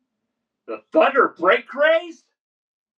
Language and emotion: English, surprised